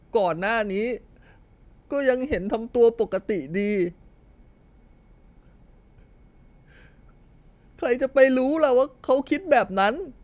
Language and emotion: Thai, sad